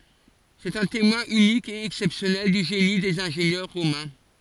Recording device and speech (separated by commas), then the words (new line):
forehead accelerometer, read sentence
C'est un témoin unique et exceptionnel du génie des ingénieurs romains.